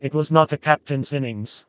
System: TTS, vocoder